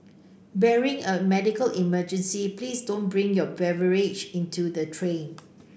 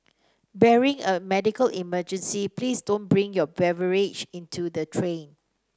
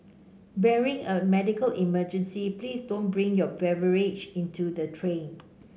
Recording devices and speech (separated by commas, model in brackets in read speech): boundary microphone (BM630), standing microphone (AKG C214), mobile phone (Samsung C5), read sentence